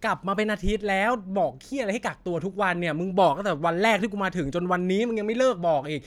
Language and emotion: Thai, angry